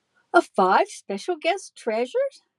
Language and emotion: English, happy